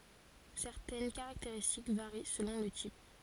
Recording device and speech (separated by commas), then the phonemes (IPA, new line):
forehead accelerometer, read sentence
sɛʁtɛn kaʁakteʁistik vaʁi səlɔ̃ lə tip